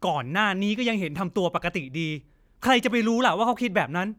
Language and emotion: Thai, angry